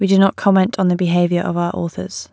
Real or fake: real